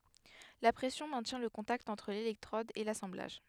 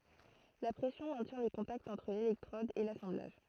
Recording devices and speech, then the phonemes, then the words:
headset microphone, throat microphone, read sentence
la pʁɛsjɔ̃ mɛ̃tjɛ̃ lə kɔ̃takt ɑ̃tʁ lelɛktʁɔd e lasɑ̃blaʒ
La pression maintient le contact entre l'électrode et l'assemblage.

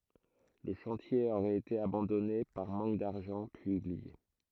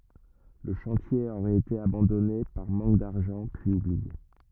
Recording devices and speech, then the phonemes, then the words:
throat microphone, rigid in-ear microphone, read sentence
lə ʃɑ̃tje oʁɛt ete abɑ̃dɔne paʁ mɑ̃k daʁʒɑ̃ pyiz ublie
Le chantier aurait été abandonné par manque d'argent, puis oublié.

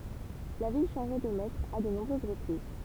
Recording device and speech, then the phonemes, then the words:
temple vibration pickup, read sentence
la vil ʃɑ̃ʒa də mɛtʁz a də nɔ̃bʁøz ʁəpʁiz
La ville changea de maîtres à de nombreuses reprises.

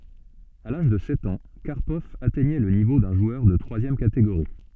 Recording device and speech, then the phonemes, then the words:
soft in-ear microphone, read sentence
a laʒ də sɛt ɑ̃ kaʁpɔv atɛɲɛ lə nivo dœ̃ ʒwœʁ də tʁwazjɛm kateɡoʁi
À l'âge de sept ans, Karpov atteignait le niveau d'un joueur de troisième catégorie.

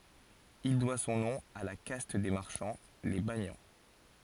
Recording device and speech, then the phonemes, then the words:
forehead accelerometer, read sentence
il dwa sɔ̃ nɔ̃ a la kast de maʁʃɑ̃ le banjɑ̃
Il doit son nom à la caste des marchands, les banians.

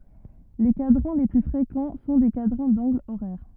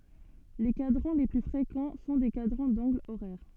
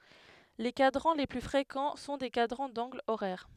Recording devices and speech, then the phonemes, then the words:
rigid in-ear microphone, soft in-ear microphone, headset microphone, read sentence
le kadʁɑ̃ le ply fʁekɑ̃ sɔ̃ de kadʁɑ̃ dɑ̃ɡlz oʁɛʁ
Les cadrans les plus fréquents sont des cadrans d'angles horaires.

